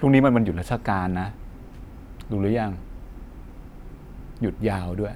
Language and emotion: Thai, frustrated